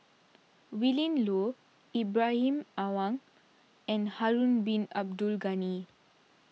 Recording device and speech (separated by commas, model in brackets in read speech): mobile phone (iPhone 6), read sentence